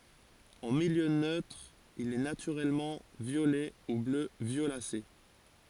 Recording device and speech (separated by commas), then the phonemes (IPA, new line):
forehead accelerometer, read sentence
ɑ̃ miljø nøtʁ il ɛ natyʁɛlmɑ̃ vjolɛ u blø vjolase